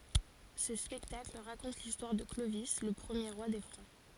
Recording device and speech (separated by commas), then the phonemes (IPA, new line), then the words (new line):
forehead accelerometer, read sentence
sə spɛktakl ʁakɔ̃t listwaʁ də klovi lə pʁəmje ʁwa de fʁɑ̃
Ce spectacle raconte l'histoire de Clovis le premier roi des Francs.